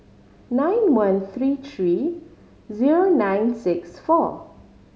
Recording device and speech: mobile phone (Samsung C5010), read sentence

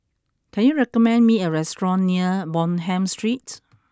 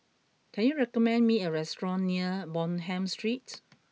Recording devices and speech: close-talking microphone (WH20), mobile phone (iPhone 6), read sentence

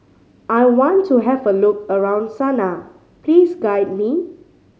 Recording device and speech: mobile phone (Samsung C5010), read sentence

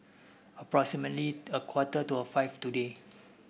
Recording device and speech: boundary microphone (BM630), read sentence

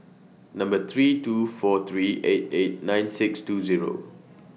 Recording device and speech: mobile phone (iPhone 6), read sentence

